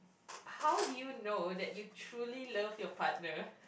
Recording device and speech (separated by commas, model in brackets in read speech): boundary microphone, conversation in the same room